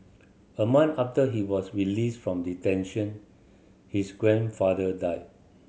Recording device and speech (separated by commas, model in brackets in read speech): mobile phone (Samsung C7100), read sentence